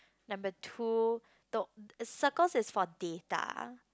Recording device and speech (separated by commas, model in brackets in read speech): close-talking microphone, conversation in the same room